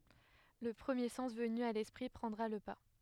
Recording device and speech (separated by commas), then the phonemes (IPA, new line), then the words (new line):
headset microphone, read sentence
lə pʁəmje sɑ̃s vəny a lɛspʁi pʁɑ̃dʁa lə pa
Le premier sens venu à l'esprit prendra le pas.